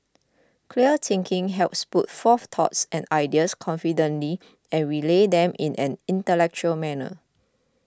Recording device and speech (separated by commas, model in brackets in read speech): close-talking microphone (WH20), read sentence